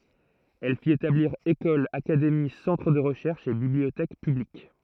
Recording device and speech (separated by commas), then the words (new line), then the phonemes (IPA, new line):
throat microphone, read sentence
Elle fit établir écoles, académies, centres de recherches et bibliothèques publiques.
ɛl fit etabliʁ ekolz akademi sɑ̃tʁ də ʁəʃɛʁʃz e bibliotɛk pyblik